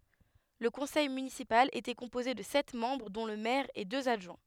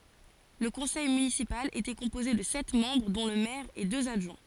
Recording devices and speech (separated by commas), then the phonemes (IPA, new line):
headset microphone, forehead accelerometer, read sentence
lə kɔ̃sɛj mynisipal etɛ kɔ̃poze də sɛt mɑ̃bʁ dɔ̃ lə mɛʁ e døz adʒwɛ̃